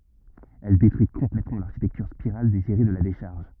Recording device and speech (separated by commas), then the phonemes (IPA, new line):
rigid in-ear microphone, read sentence
ɛl detʁyi kɔ̃plɛtmɑ̃ laʁʃitɛktyʁ spiʁal deziʁe də la deʃaʁʒ